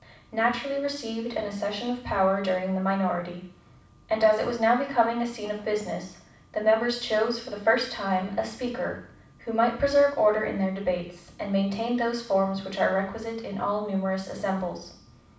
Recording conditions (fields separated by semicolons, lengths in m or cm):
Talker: one person; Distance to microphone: 5.8 m; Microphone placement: far; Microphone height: 1.8 m; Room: medium-sized (5.7 m by 4.0 m); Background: none